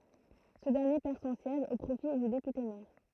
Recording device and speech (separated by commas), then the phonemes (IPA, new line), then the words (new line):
throat microphone, read sentence
sə dɛʁnje pɛʁ sɔ̃ sjɛʒ o pʁofi dy depyte mɛʁ
Ce dernier perd son siège au profit du député maire.